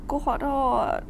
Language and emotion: Thai, sad